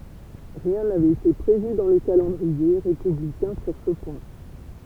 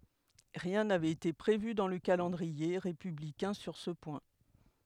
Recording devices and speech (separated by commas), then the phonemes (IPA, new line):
temple vibration pickup, headset microphone, read sentence
ʁiɛ̃ navɛt ete pʁevy dɑ̃ lə kalɑ̃dʁie ʁepyblikɛ̃ syʁ sə pwɛ̃